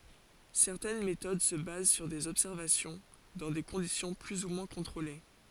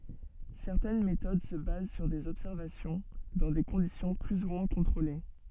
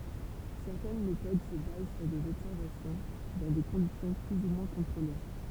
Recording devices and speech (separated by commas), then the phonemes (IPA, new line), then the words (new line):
forehead accelerometer, soft in-ear microphone, temple vibration pickup, read sentence
sɛʁtɛn metod sə baz syʁ dez ɔbsɛʁvasjɔ̃ dɑ̃ de kɔ̃disjɔ̃ ply u mwɛ̃ kɔ̃tʁole
Certaines méthodes se basent sur des observations, dans des conditions plus ou moins contrôlées.